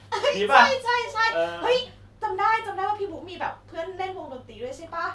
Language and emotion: Thai, happy